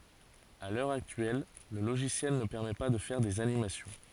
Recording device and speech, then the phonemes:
forehead accelerometer, read sentence
a lœʁ aktyɛl lə loʒisjɛl nə pɛʁmɛ pa də fɛʁ dez animasjɔ̃

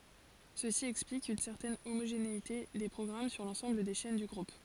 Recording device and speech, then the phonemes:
forehead accelerometer, read sentence
səsi ɛksplik yn sɛʁtɛn omoʒeneite de pʁɔɡʁam syʁ lɑ̃sɑ̃bl de ʃɛn dy ɡʁup

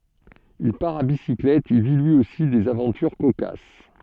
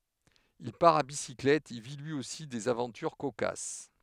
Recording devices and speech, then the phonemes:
soft in-ear microphone, headset microphone, read sentence
il paʁ a bisiklɛt e vi lyi osi dez avɑ̃tyʁ kokas

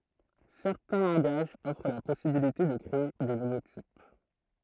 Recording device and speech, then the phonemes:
throat microphone, read sentence
sɛʁtɛ̃ lɑ̃ɡaʒz ɔfʁ la pɔsibilite də kʁee de nuvo tip

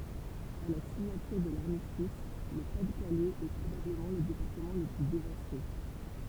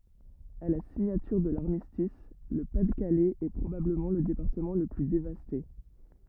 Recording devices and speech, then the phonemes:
temple vibration pickup, rigid in-ear microphone, read sentence
a la siɲatyʁ də laʁmistis lə pa də kalɛz ɛ pʁobabləmɑ̃ lə depaʁtəmɑ̃ lə ply devaste

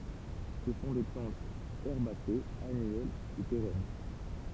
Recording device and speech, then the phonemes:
temple vibration pickup, read sentence
sə sɔ̃ de plɑ̃tz ɛʁbasez anyɛl u peʁɛn

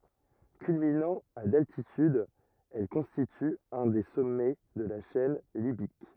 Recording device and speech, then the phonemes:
rigid in-ear microphone, read sentence
kylminɑ̃ a daltityd ɛl kɔ̃stity œ̃ de sɔmɛ də la ʃɛn libik

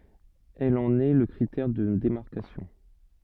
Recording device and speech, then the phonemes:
soft in-ear microphone, read sentence
ɛl ɑ̃n ɛ lə kʁitɛʁ də demaʁkasjɔ̃

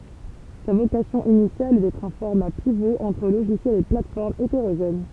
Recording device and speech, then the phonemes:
temple vibration pickup, read sentence
sa vokasjɔ̃ inisjal ɛ dɛtʁ œ̃ fɔʁma pivo ɑ̃tʁ loʒisjɛlz e platɛsfɔʁmz eteʁoʒɛn

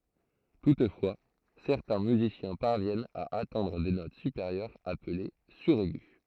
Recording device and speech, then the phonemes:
throat microphone, read sentence
tutfwa sɛʁtɛ̃ myzisjɛ̃ paʁvjɛnt a atɛ̃dʁ de not sypeʁjœʁz aple syʁɛɡy

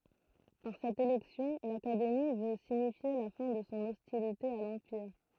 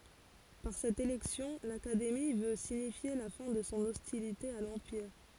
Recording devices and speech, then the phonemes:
throat microphone, forehead accelerometer, read sentence
paʁ sɛt elɛksjɔ̃ lakademi vø siɲifje la fɛ̃ də sɔ̃ ɔstilite a lɑ̃piʁ

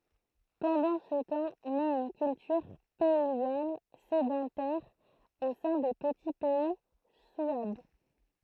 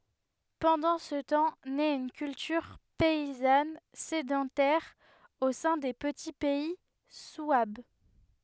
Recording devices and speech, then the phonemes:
throat microphone, headset microphone, read sentence
pɑ̃dɑ̃ sə tɑ̃ nɛt yn kyltyʁ pɛizan sedɑ̃tɛʁ o sɛ̃ de pəti pɛi swab

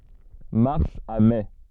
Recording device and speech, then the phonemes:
soft in-ear microphone, read sentence
maʁs a mɛ

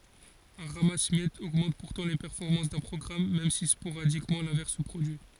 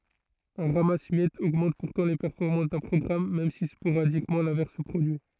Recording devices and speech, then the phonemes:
forehead accelerometer, throat microphone, read sentence
œ̃ ʁamas mjɛtz oɡmɑ̃t puʁtɑ̃ le pɛʁfɔʁmɑ̃s dœ̃ pʁɔɡʁam mɛm si spoʁadikmɑ̃ lɛ̃vɛʁs sə pʁodyi

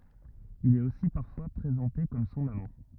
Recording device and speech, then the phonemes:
rigid in-ear microphone, read sentence
il ɛt osi paʁfwa pʁezɑ̃te kɔm sɔ̃n amɑ̃

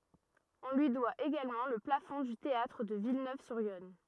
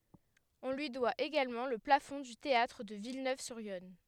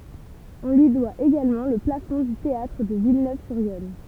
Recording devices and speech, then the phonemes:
rigid in-ear microphone, headset microphone, temple vibration pickup, read sentence
ɔ̃ lyi dwa eɡalmɑ̃ lə plafɔ̃ dy teatʁ də vilnøvzyʁjɔn

